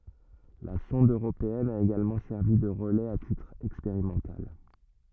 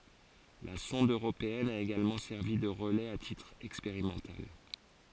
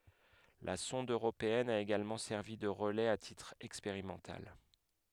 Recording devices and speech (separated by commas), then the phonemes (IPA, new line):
rigid in-ear microphone, forehead accelerometer, headset microphone, read sentence
la sɔ̃d øʁopeɛn a eɡalmɑ̃ sɛʁvi də ʁəlɛz a titʁ ɛkspeʁimɑ̃tal